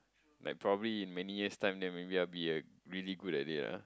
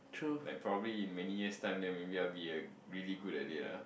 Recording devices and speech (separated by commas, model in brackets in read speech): close-talking microphone, boundary microphone, conversation in the same room